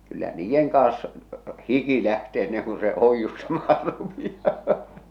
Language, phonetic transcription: Finnish, 'kyllä "niijjeŋ kaas , 'hiki lähte enneŋ ku se 'oijjustamaa rupi₍aa .
- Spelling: kyllä niiden kanssa hiki lähtee ennen kuin se oiustamaan rupeaa

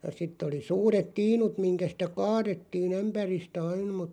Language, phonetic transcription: Finnish, ja 'sit̆t ‿oli 'suuret "tiinut miŋkä sⁱtä "kaaðettiin̬ ‿'ämpäristä 'ain mut ,.
- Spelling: ja sitten oli suuret tiinut mihin sitä kaadettiin ämpäristä aina mutta

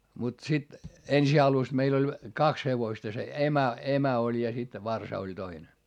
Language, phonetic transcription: Finnish, mut sit , ensi alus meil ‿oĺ , kaks hevoⁱsta se emä , emä oĺ ja sit , varsa oĺ toine .
- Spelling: mutta sitten ensin alussa meillä oli kaksi hevosta se emä emä oli ja sitten varsa oli toinen

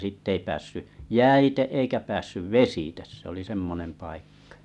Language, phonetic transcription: Finnish, 'sìtt ‿ei päässy , "jäite eikä päässyv "vesites se ‿oli 'semmonem 'paikkᴀ .
- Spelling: sitten ei päässyt jäitse eikä päässyt vesitse se oli semmoinen paikka

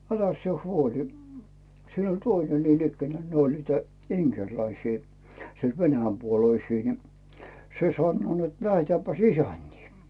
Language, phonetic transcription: Finnish, 'äläs sⁱe "huoli , siin oĺ "töine niin ‿ikkänää 'ne ‿oĺ 'niitä , "iŋkerläisii , sielD "venäjämpuoloisii ni , 'se "sannoo net » "lähetääppäs "isänt́ii « .
- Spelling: äläs sinä huoli siinä oli toinen niin ikään ne oli niitä inkeriläisiä sieltä venäjänpuoleisia niin se sanoo että lähdetäänpäs isäntiin

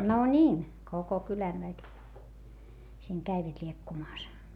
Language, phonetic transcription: Finnish, no ńiin , koko kylän väki , siiŋ käivät ĺiekkumaas .
- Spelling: no niin koko kylän väki siinä kävivät liekkumassa

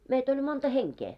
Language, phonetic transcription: Finnish, meit ‿oĺ 'monta 'heŋkee .
- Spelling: meitä oli monta henkeä

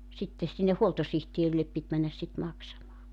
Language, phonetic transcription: Finnish, sitte , sinne 'huoltosihtierillep pit männäs sit 'maksamaa .
- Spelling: sitten sinne huoltosihteerille piti mennä sitten maksamaan

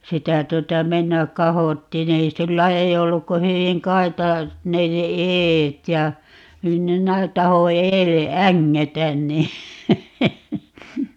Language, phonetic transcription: Finnish, 'sitä 'tuota 'mennäk "kahottiin ‿ei - 'sillä ei 'olluk ko 'hyviŋ "kaita(iset) 'ne se "eet ja , (---) 'taho 'eelle "äŋŋetän nii ,.
- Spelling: sitä tuota mennä kahottiin ei sillä ei ollut kuin hyvin kaitaiset ne sen edet ja - tahdo edelle ängetä niin

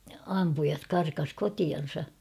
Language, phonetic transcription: Finnish, 'ampujat̳ karkas "kotian̬sa .
- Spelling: ampujat karkasi kotiansa

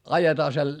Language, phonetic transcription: Finnish, ajetaa sel - ,.
- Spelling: ajetaan -

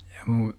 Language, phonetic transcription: Finnish, ja 'mun , .
- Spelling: ja minun

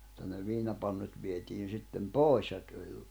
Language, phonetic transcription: Finnish, [mut]ta ne 'viinapannut vietiin̬ 'sittem "pòis ja tuĺ ,.
- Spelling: mutta ne viinapannut vietiin sitten pois ja tuli

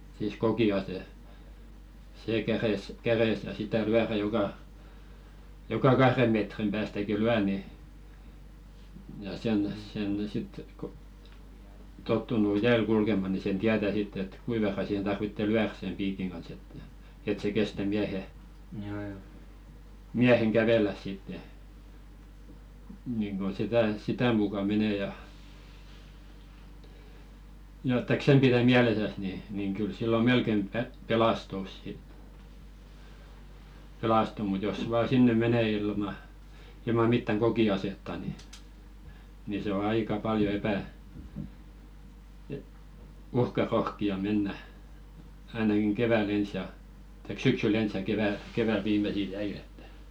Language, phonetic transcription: Finnish, siis 'koki₍ase , 'see 'käres , käresä 'sitä "lyärä joka , 'joka "kahre metrim päästäki 'lyä ni , ja sen sen 'sit k ‿o , tottunu "jääl 'kulkema ni sen "tiätä 'sitt ‿et 'kui verra sihen tarvitte "lyär sem 'piikiŋ kans että , et se 'kestä 'miähe , "miäheŋ 'kävelläs sitte , niŋɢo sitä , 'sitä muka menè ja , ja että k-"sem 'pirä "miälesäs ni , niŋ kyl 'sillo "melkem pe- 'pelastus sit , 'pelastu mut jos vaa 'sinne 'mene ilma , ilma 'mittäŋ "ɢoki₍asetta ni , ni se ‿o "aika "paljo 'epä- , e- 'uhka'rohki₍a mennä , ainakiŋ 'kevä"l ‿ens ja , taik "syksyl'l ‿ens ja keväl 'viimesil "jäil ‿ettᴀ̈ .
- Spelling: siis kokiase se kädessä kädessä sitä lyödä joka joka kahden metrin päästäkin lyö niin ja sen sen sitten kun on tottunut jäällä kulkemaan niin sen tietää sitten että kuinka verran siihen tarvitsee lyödä sen piikin kanssa että että se kestää miehen miehen kävellä sitten niin kuin sitä sitä mukaa menee ja ja että sen pidät mielessäsi niin niin kyllä silloin melkein - pelastut sitten pelastuu mutta jos vain sinne menee ilman ilman mitään kokiasetta niin niin se on aika paljon - - uhkarohkea mennä ainakin keväällä ensin ja tai syksyllä ensin ja keväällä viimeisillä jäillä että

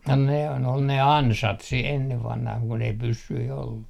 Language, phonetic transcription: Finnish, no nehän ‿ol 'ne "ansat si 'enne 'vanhah kun ‿ei 'pyssyi ollu .
- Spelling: no nehän oli ne ansat sitten ennen vanhaan kun ei pyssyjä ollut

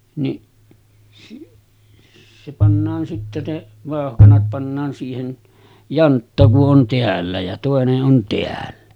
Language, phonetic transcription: Finnish, niˀ , se pannaan sitte 'ne , 'vàohkanat pannaan siihen , "jantta ku’ ’on 'teällä ja tòene’ ’on 'teällä .
- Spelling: niin se pannaan sitten ne vauhkanat pannaan siihen jantta kun on täällä ja toinen on täällä

